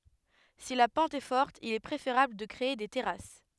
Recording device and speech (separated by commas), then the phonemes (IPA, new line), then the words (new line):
headset microphone, read sentence
si la pɑ̃t ɛ fɔʁt il ɛ pʁefeʁabl də kʁee de tɛʁas
Si la pente est forte, il est préférable de créer des terrasses.